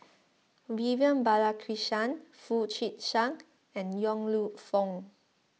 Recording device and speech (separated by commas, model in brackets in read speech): mobile phone (iPhone 6), read sentence